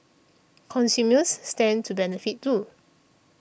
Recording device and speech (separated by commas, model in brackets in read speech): boundary microphone (BM630), read sentence